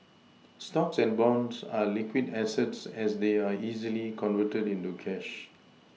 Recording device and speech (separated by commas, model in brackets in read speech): mobile phone (iPhone 6), read sentence